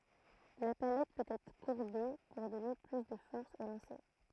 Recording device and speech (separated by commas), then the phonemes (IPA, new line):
throat microphone, read sentence
la palɛt pøt ɛtʁ kuʁbe puʁ dɔne ply də fɔʁs o lɑ̃se